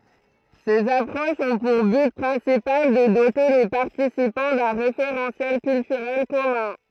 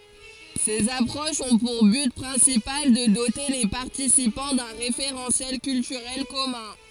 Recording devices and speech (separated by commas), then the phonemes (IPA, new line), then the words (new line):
throat microphone, forehead accelerometer, read sentence
sez apʁoʃz ɔ̃ puʁ byt pʁɛ̃sipal də dote le paʁtisipɑ̃ dœ̃ ʁefeʁɑ̃sjɛl kyltyʁɛl kɔmœ̃
Ces approches ont pour but principal de doter les participants d'un référentiel culturel commun.